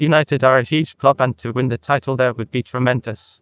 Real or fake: fake